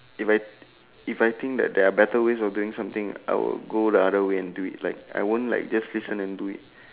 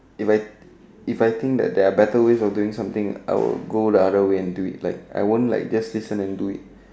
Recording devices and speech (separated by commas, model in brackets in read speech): telephone, standing microphone, conversation in separate rooms